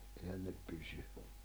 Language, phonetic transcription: Finnish, ehän ne 'pysy .
- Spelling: eihän ne pysy

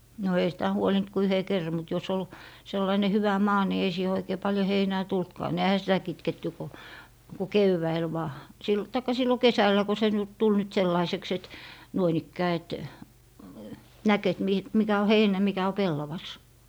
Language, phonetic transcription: Finnish, no ei sitä 'huolint ku "yhe 'kerrᵃ mut jos ol , 'sellaine 'hyvä "maa ni ei siihe oikee 'paljo "heinää 'tultkaa ne ehä sitä 'kitketty ko , ku "kevväil 'vaa , sil- , taikka 'sillo "kesällä ko se nyt tul nyt "sellaiseks et , 'nuoin ‿ikkää et , näk et 'mi- , 'mikä o "heinä 'mikä o "pellavas .
- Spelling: no ei sitä huolinut kuin yhden kerran mutta jos oli sellainen hyvä maa niin ei siihen oikein paljon heinää tullutkaan ne eihän sitä kitketty kuin kuin keväällä vain - tai silloin kesällä kun se nyt tuli nyt sellaiseksi että noin ikään että näki että - mikä on heinä mikä on pellavas

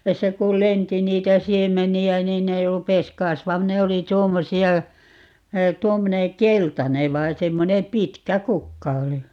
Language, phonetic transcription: Finnish, ('tästä) 'kul "lenti 'niitä 'siem̆meni₍ä 'niin ne 'rupes "kasvam - - "ne oli 'tuommosi₍a , 'tuommone "keltane 'vai 'semmonem 'pitkä "kukka oli .
- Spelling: tästä kun lensi niitä siemeniä niin ne rupesi - ne oli tuommoisia tuommoinen keltainen vai semmoinen pitkä kukka oli

